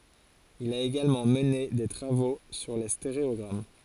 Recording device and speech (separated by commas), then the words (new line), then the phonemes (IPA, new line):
forehead accelerometer, read sentence
Il a également mené des travaux sur les stéréogrammes.
il a eɡalmɑ̃ məne de tʁavo syʁ le steʁeɔɡʁam